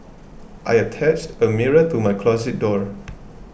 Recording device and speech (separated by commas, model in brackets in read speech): boundary microphone (BM630), read sentence